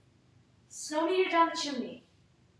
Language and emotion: English, fearful